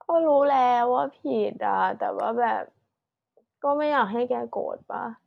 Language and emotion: Thai, sad